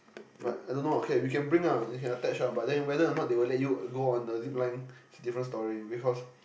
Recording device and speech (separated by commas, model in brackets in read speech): boundary microphone, conversation in the same room